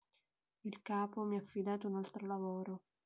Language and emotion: Italian, sad